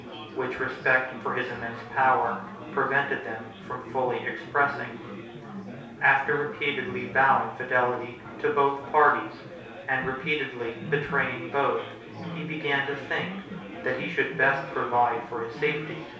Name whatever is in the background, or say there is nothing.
Crowd babble.